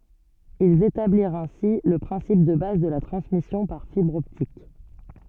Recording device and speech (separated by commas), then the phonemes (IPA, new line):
soft in-ear microphone, read sentence
ilz etabliʁt ɛ̃si lə pʁɛ̃sip də baz də la tʁɑ̃smisjɔ̃ paʁ fibʁ ɔptik